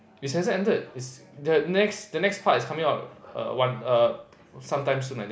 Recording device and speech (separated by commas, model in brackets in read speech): boundary microphone, conversation in the same room